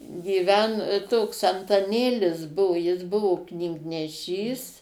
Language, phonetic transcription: Lithuanian, gyˈven toks antaˈnėlis ˈbuvu jis ˈbuvu knygneˈšys

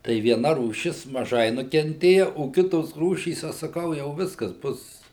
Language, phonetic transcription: Lithuanian, tai vieˈna rūˈšis maˈžai nukenˈtėja o ˈkitos ˈrūšys ˈaš saˈkau jau ˈviskas ˈbus

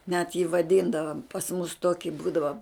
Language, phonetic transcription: Lithuanian, net jį vaˈdyndavam pas mus ˈtoki ˈbūdava

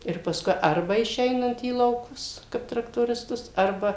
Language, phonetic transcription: Lithuanian, ir pasˈkui ˈarba išˈeinant į į lauˈkus kaip traktorisˈtus ˈarba

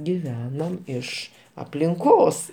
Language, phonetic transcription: Lithuanian, giˈvenom ˈiš aplinˈkos

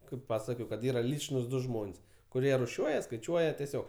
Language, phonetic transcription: Lithuanian, kaip ˈpasakojau kad ˈyra ˈlyčnūs ˈdu ˈžmon's' kuˈrie ruˈšiuoja skaiˈčiuoja teˈsiog

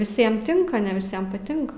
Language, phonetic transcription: Lithuanian, viˈsiem ˈtinka ne viˈsiem paˈtinka

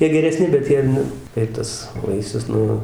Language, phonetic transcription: Lithuanian, ˈjie gereˈsni bet ˈjie nu ir ˈtas ˈvaisius ˈnu

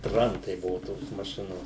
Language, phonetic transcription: Lithuanian, ˈtrantai ˈbuvu tos maˈšinos

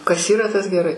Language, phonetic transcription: Lithuanian, kas ˈyra tas geˈrai

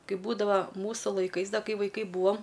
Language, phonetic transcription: Lithuanian, ˈkaip ˈbūdava ˈmūsu laiˈkais ˈda ˈkai vaiˈkai ˈbūam

